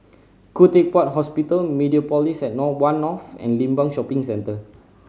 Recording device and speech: mobile phone (Samsung C5010), read sentence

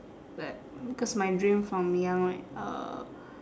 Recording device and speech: standing microphone, conversation in separate rooms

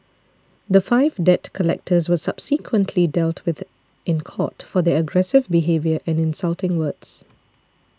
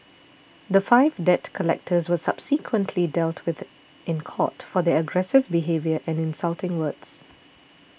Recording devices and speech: standing microphone (AKG C214), boundary microphone (BM630), read sentence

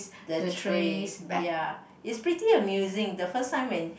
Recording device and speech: boundary microphone, conversation in the same room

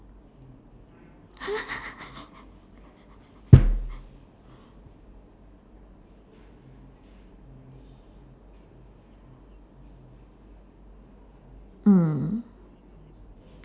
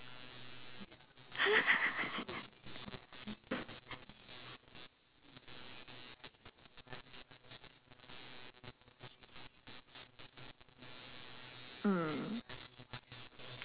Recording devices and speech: standing microphone, telephone, conversation in separate rooms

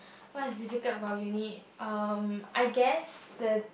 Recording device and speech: boundary microphone, conversation in the same room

